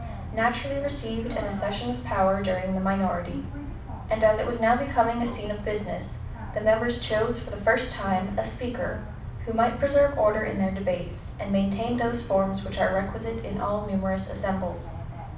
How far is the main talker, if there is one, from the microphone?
5.8 m.